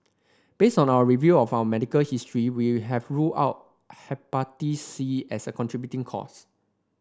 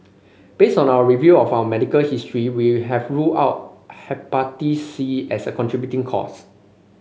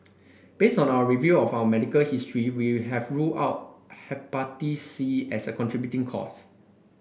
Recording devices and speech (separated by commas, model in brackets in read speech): standing microphone (AKG C214), mobile phone (Samsung C5), boundary microphone (BM630), read sentence